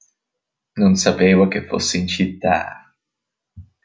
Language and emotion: Italian, disgusted